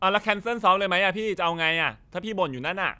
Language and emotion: Thai, frustrated